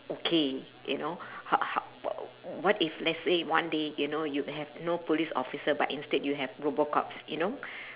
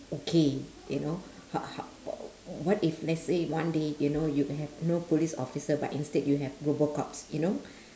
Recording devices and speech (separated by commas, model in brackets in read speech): telephone, standing microphone, conversation in separate rooms